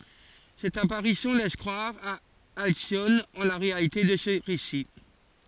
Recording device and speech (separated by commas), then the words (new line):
forehead accelerometer, read sentence
Cette apparition laisse croire à Alcyone en la réalité de ce récit.